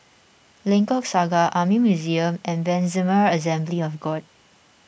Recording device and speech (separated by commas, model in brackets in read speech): boundary microphone (BM630), read sentence